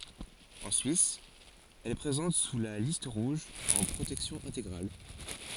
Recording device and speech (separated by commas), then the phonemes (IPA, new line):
forehead accelerometer, read sentence
ɑ̃ syis ɛl ɛ pʁezɑ̃t syʁ la list ʁuʒ ɑ̃ pʁotɛksjɔ̃ ɛ̃teɡʁal